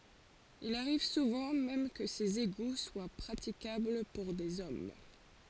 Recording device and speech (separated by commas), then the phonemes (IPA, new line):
forehead accelerometer, read sentence
il aʁiv suvɑ̃ mɛm kə sez eɡu swa pʁatikabl puʁ dez ɔm